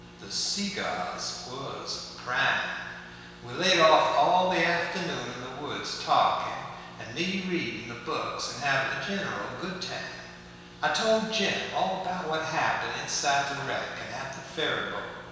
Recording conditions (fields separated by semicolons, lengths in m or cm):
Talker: one person; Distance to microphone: 1.7 m; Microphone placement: close; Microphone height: 1.0 m; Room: very reverberant, large; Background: none